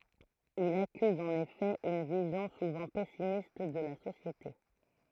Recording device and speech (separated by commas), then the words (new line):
throat microphone, read sentence
Il accuse en effet une vision souvent pessimiste de la société.